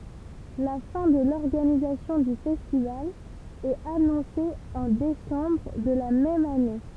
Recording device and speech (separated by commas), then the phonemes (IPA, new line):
temple vibration pickup, read sentence
la fɛ̃ də lɔʁɡanizasjɔ̃ dy fɛstival ɛt anɔ̃se ɑ̃ desɑ̃bʁ də la mɛm ane